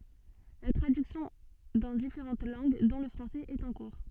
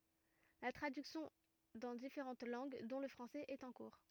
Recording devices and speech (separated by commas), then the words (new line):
soft in-ear microphone, rigid in-ear microphone, read sentence
La traduction dans différentes langues, dont le français, est en cours.